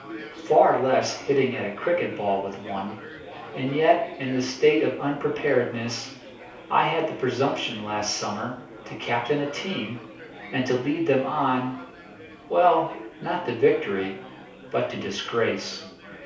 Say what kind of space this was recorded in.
A small space (about 3.7 m by 2.7 m).